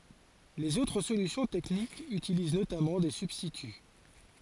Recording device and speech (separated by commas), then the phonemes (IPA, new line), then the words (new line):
forehead accelerometer, read sentence
lez otʁ solysjɔ̃ tɛknikz ytiliz notamɑ̃ de sybstity
Les autres solutions techniques utilisent notamment des substituts.